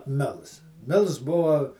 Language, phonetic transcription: Lithuanian, ˈmils ˈmils ˈbuva

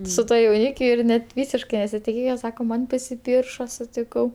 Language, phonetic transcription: Lithuanian, su ˈtuo jauˈnykiu ir ˈnet ˈvysiškai nesitiˈkėje ˈsako ˈman pasiˈpyršo sutiˈkau

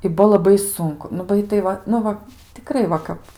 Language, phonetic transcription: Lithuanian, i ˈbuo laˈbai ˈsunku nu ˈbai tai ˈva ˈnu va tiˈkrai ˈva kap

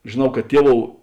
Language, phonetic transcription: Lithuanian, žėˈnau ka ˈtieˌvou

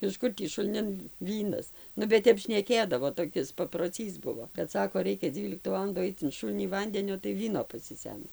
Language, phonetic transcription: Lithuanian, iš ˈkur tį šulˈnin ˈvynas ˈnu bet ˈtep šneˈkėdavo toˈkis paproˈcys ˈbuvo kad ˈsako ˈraikia ˈdzyliktu ˈvalandu ˈaic in ˈšulnį ˈvandenio tai ˈvyno pasiˈsemsi

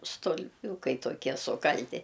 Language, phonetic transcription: Lithuanian, stulˈpiūkai toˈkie suˈkalti

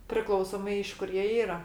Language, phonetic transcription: Lithuanian, priˈklausomai iš ˈkur jie ˈyra

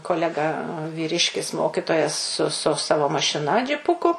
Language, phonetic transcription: Lithuanian, koˈlega vyˈriškis ˈmokitojas su su ˈsavo mašiˈna džiˈpuku

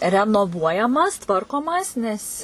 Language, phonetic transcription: Lithuanian, renoˈvuojamas ˈtvarkomas nes

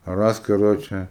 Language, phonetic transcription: Lithuanian, ˈras kaˈroče

